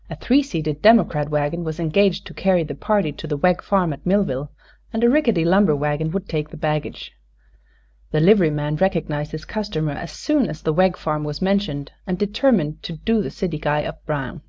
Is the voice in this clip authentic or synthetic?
authentic